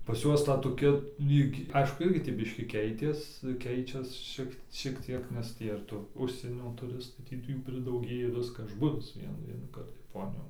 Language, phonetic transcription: Lithuanian, pas ˈjuos ˈta toˈkia ˈlyg ˈaišku ˈirgi tį ˈbiškį ˈkeitės ˈkeičias ˈšiek šiek ˈtiek nes ˈtį ir tu ˈužsienio tuˈristai ˈtį tai jų pridauˈgėja viska ˈaš ˈbuvis ˈvienų vienųˈkart jaˈponijon

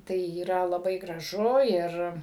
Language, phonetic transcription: Lithuanian, ˈtai yˈra laˈbai graˈžu ˈir

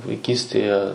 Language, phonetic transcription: Lithuanian, vaiˈkystėje

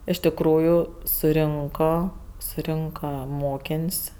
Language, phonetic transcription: Lithuanian, iš tiˈkrųju suˈrinko suˈrinka ˈmokėn's'

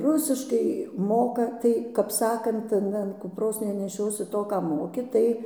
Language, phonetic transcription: Lithuanian, ˈrusiškai ˈmoka ˈtai kap ˈsakant an an kupˈros neneˈšiosi ˈto ˈką ˈmoki ˈtai

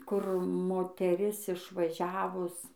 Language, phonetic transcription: Lithuanian, kur moteˈris išvaˈžiavus

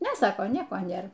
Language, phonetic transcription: Lithuanian, ˈne ˈsako ˈnieko ˈnėr

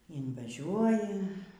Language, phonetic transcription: Lithuanian, invaˈžiuoji

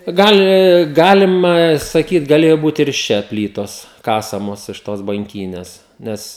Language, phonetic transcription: Lithuanian, ˈgali ˈgalima saˈkyt gaˈlėjo ˈbūt ir iš ˈčia ˈplytos ˈkasamos iš tos banˈkynes ˈnes

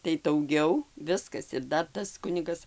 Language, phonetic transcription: Lithuanian, tai dauˈgiau ˈviskas ir ˈdar ˈtas ˈkunigas

